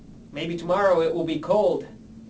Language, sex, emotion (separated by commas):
English, male, neutral